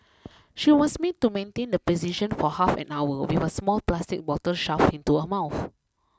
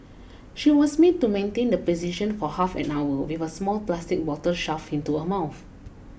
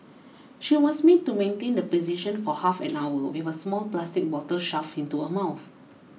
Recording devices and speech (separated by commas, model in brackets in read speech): close-talking microphone (WH20), boundary microphone (BM630), mobile phone (iPhone 6), read sentence